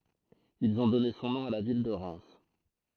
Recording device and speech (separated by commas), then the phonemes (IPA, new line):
throat microphone, read sentence
ilz ɔ̃ dɔne sɔ̃ nɔ̃ a la vil də ʁɛm